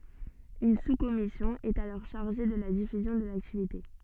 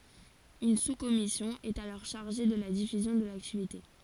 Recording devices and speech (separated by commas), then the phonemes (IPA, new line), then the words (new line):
soft in-ear microphone, forehead accelerometer, read sentence
yn suskɔmisjɔ̃ ɛt alɔʁ ʃaʁʒe də la difyzjɔ̃ də laktivite
Une sous-commission est alors chargée de la diffusion de l'activité.